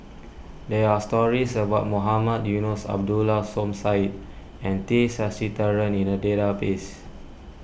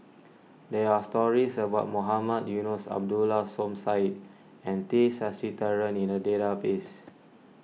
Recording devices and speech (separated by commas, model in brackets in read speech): boundary microphone (BM630), mobile phone (iPhone 6), read sentence